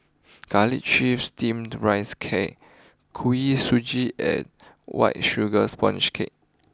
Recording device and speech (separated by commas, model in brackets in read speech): close-talking microphone (WH20), read sentence